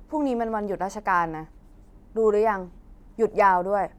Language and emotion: Thai, frustrated